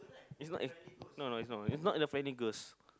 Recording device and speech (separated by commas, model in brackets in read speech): close-talking microphone, conversation in the same room